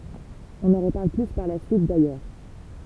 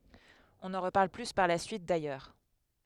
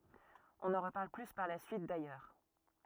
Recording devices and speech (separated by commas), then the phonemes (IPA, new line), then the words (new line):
temple vibration pickup, headset microphone, rigid in-ear microphone, read sentence
ɔ̃ nɑ̃ ʁəpaʁl ply paʁ la syit dajœʁ
On n'en reparle plus par la suite, d'ailleurs.